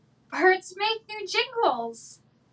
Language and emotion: English, surprised